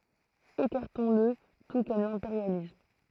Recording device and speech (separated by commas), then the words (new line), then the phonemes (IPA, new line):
throat microphone, read sentence
Écartons-le tout comme l'impérialisme.
ekaʁtɔ̃sl tu kɔm lɛ̃peʁjalism